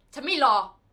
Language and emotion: Thai, angry